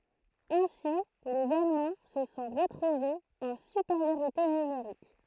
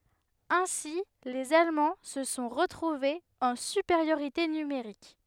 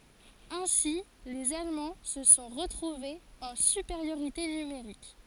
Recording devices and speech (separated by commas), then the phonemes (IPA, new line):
throat microphone, headset microphone, forehead accelerometer, read sentence
ɛ̃si lez almɑ̃ sə sɔ̃ ʁətʁuvez ɑ̃ sypeʁjoʁite nymeʁik